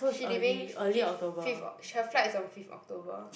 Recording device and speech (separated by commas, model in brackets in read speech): boundary microphone, conversation in the same room